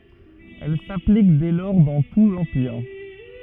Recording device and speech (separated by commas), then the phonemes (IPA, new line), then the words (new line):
rigid in-ear microphone, read sentence
ɛl saplik dɛ lɔʁ dɑ̃ tu lɑ̃piʁ
Elle s'applique dès lors dans tout l'Empire.